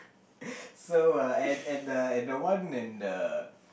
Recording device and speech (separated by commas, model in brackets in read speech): boundary microphone, conversation in the same room